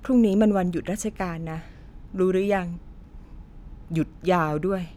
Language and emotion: Thai, frustrated